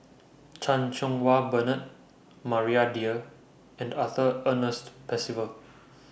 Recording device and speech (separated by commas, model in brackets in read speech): boundary microphone (BM630), read sentence